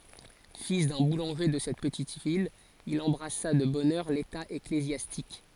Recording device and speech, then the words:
forehead accelerometer, read sentence
Fils d'un boulanger de cette petite ville, il embrassa de bonne heure l'état ecclésiastique.

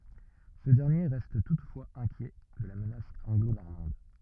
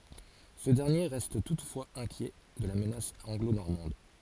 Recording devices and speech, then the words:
rigid in-ear microphone, forehead accelerometer, read sentence
Ce dernier reste toutefois inquiet de la menace anglo-normande.

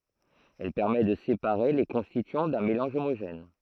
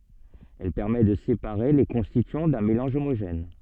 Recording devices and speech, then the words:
throat microphone, soft in-ear microphone, read sentence
Elle permet de séparer les constituants d'un mélange homogène.

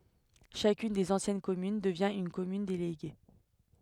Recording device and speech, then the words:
headset microphone, read sentence
Chacune des anciennes communes devient une commune déléguée.

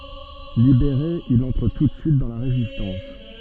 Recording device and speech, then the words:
soft in-ear microphone, read sentence
Libéré, il entre tout de suite dans la Résistance.

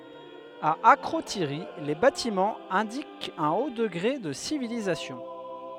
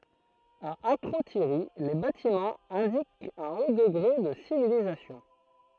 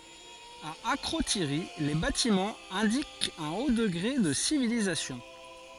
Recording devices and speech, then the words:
headset microphone, throat microphone, forehead accelerometer, read sentence
À Akrotiri, les bâtiments indiquent un haut degré de civilisation.

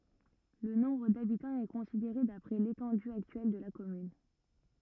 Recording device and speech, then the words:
rigid in-ear microphone, read sentence
Le nombre d'habitants est considéré d'après l'étendue actuelle de la commune.

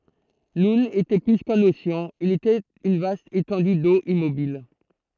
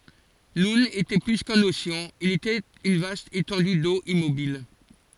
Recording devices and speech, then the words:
throat microphone, forehead accelerometer, read sentence
Noun était plus qu'un océan, il était une vaste étendue d'eau immobile.

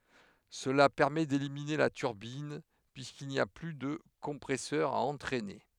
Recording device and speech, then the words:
headset microphone, read sentence
Cela permet d'éliminer la turbine, puisqu'il n'y a plus de compresseur à entraîner.

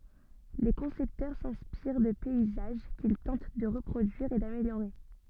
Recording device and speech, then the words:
soft in-ear microphone, read sentence
Les concepteurs s'inspirent de paysages qu'ils tentent de reproduire et d'améliorer.

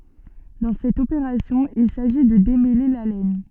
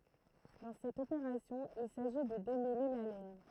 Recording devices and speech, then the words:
soft in-ear microphone, throat microphone, read sentence
Dans cette opération, il s'agit de démêler la laine.

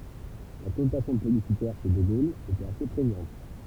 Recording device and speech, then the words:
temple vibration pickup, read sentence
La connotation plébiscitaire chez de Gaulle était assez prégnante.

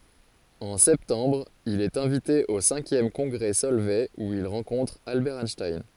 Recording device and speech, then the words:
forehead accelerometer, read sentence
En septembre, il est invité au cinquième congrès Solvay où il rencontre Albert Einstein.

